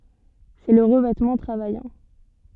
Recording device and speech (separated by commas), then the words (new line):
soft in-ear microphone, read sentence
C'est le revêtement travaillant.